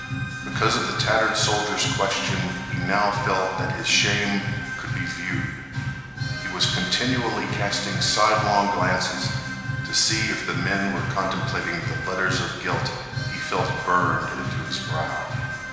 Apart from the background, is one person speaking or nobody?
One person.